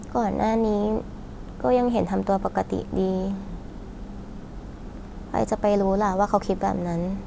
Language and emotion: Thai, sad